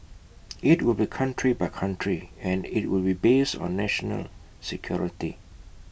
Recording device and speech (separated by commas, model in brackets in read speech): boundary microphone (BM630), read sentence